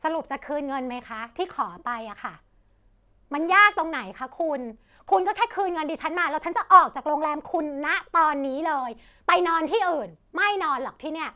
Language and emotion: Thai, angry